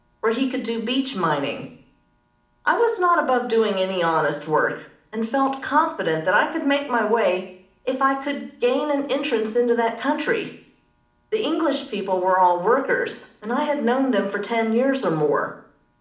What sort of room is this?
A moderately sized room.